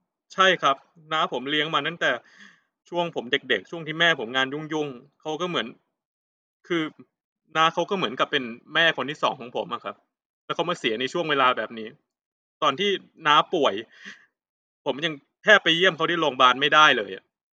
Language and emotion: Thai, sad